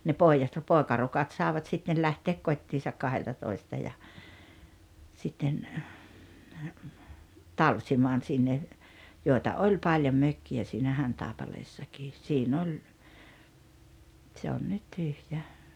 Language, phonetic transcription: Finnish, ne 'pòijat , "pòekarukat 'sàevat sitten 'lähteek "kot́t́iisak 'kaheltatoista ja , sitten , "talsimaan sinne , 'jòi̬ta "oĺ 'paĺjom "mökki₍ä siinä 'Hantàepaleessakiis 'sii'n ‿oĺ , 'tse on nyt "tyhjä .
- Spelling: ne pojat poikarukat saivat sitten lähteä kotiinsa kahdeltatoista ja sitten talsimaan sinne joita oli paljon mökkejä siinä Hantaipaleessa siinä oli se on nyt tyhjä

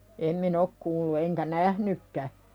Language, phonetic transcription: Finnish, em 'min ‿ok kuullu eŋkä "nähnykkä .
- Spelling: en minä ole kuullut enkä nähnytkään

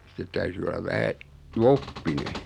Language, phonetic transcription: Finnish, sittet 'täyty olav 'vähä , "(l)oppine .
- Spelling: sitten täytyi olla vähän loppinen

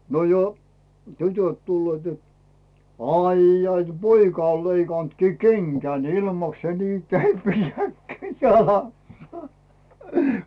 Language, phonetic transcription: Finnish, no jo , "tytöt 'tulleet jot , » "aijjai , t- 'poika on̬ "leikàntkii "keŋkän "ilmaks se nii 'kepijät 'käi "jalassᴀ « .
- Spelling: no jo tytöt tulevat jotta aijai - poika on leikannutkin kengän ilmankos se niin kepeät käy jalassa

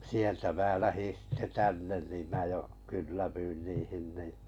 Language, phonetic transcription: Finnish, 'sieltä mää 'lähin̬ sitte 'tännen nim 'mää jo , 'kyllävyin 'niihin ni ,.
- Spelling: sieltä minä lähdin sitten tänne niin minä jo kylläännyin niihin niin

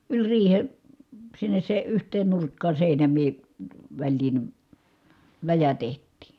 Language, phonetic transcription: Finnish, yĺ riihe , sinnes se , yht̀een nurkkaa sèinäm̀ii , väĺliin , läjä teht̆tì .
- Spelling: yli riihen sinne se yhteen nurkkaan seinämien väliin läjä tehtiin

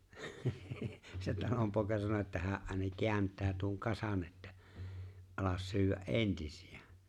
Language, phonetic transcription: Finnish, se 'talompòeka sano että 'hää’ ’àena 'keänt̀ää tuoŋ 'kasᴀɴ ettᴀ̈ , » '’alas 'syywä’ "’entɪsɪ₍ᴀ̈ « .
- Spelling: se talonpoika sanoi että hän aina kääntää tuon kasan että ala syödä entisiä

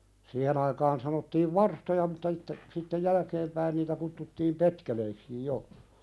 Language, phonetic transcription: Finnish, 'siihen ‿aikaan sanottiiv "varstoja mutta (s)itte , sittej "jälkeem päin niitä kuttuttiim petkeleikskij 'jo .
- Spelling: siihen aikaan sanottiin varstoja mutta sitten sitten jälkeen päin niitä kutsuttiin petkeleiksi jo

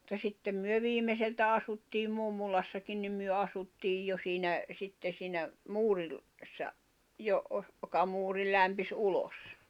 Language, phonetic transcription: Finnish, [mut]ta 'sittem myö 'viimeseltä 'asuttiim̆ 'mummulassakin nim myö 'asuttiij 'jo siinä , 'sitte siinä , 'muuril- , -sa , jo- (’oh-) , [j]oka 'muuri lämpis '’ulos .
- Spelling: mutta sitten me viimeiseltä asuttiin mummolassakin niin me asuttiin jo siinä sitten siinä - - - - joka muuri lämpisi ulos

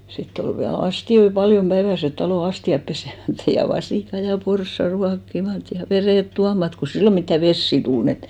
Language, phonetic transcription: Finnish, 'sitt ‿ol viä"l ‿asti₍oi "paljom 'päiväset talò 'asti₍ap 'pesemättᴀ̈ , ja 'vasìka ja 'porssa 'ruakkimat , ja "verèt 'tuamat ko 'sillo mittä "vessi 'tul n ‿et .
- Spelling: sitten oli vielä astioita paljon päiväiset talon astiat pesemättä ja vasikat ja porsaat ruokkimatta ja vedet tuomatta kun silloin mitään vesiä tullut niin että

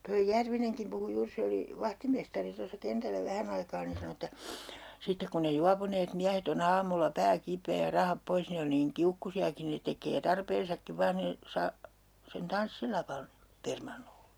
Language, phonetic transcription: Finnish, toij "Järvineŋkim puhu 'juur 'se oli , 'vahtimestari tossa 'kentällä "vähän ‿aikaa nin̬ 'sanᵒ että , » 'sittek kun ne 'juapuneet 'miähet ‿o'n ‿aamulla "pää 'kip̀ee ja 'rahap 'pois ne on niiŋ 'kiukkusi₍aki'n ‿ne tek̀ee "tarpeensakkiv 'vaan̬ nii , saa- , sen "tanssilavan , 'permannolE » .
- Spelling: tuo Järvinenkin puhui juuri se oli vahtimestari tuossa kentällä vähän aikaa niin sanoi että sitten kun ne juopuneet miehet on aamulla pää kipeä ja rahat pois ne on niin kiukkuisiakin ne tekee tarpeensakin vain niin - sen tanssilavan permannolle

